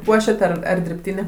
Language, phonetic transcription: Lithuanian, ˈpuošiat ˈar ar dirbˈtynė

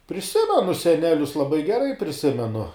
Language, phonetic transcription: Lithuanian, priˈsimenu seˈnelius laˈbai geˈrai priˈsimenu

